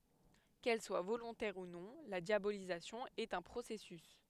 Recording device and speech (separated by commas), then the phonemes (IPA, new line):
headset microphone, read sentence
kɛl swa volɔ̃tɛʁ u nɔ̃ la djabolizasjɔ̃ ɛt œ̃ pʁosɛsys